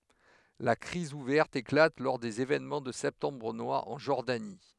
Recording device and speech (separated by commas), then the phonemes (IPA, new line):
headset microphone, read sentence
la kʁiz uvɛʁt eklat lɔʁ dez evenmɑ̃ də sɛptɑ̃bʁ nwaʁ ɑ̃ ʒɔʁdani